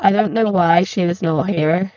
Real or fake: fake